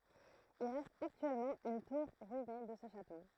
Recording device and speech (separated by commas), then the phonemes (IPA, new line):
throat microphone, read sentence
il ʁɛst aktyɛlmɑ̃ yn tuʁ ʁyine də sə ʃato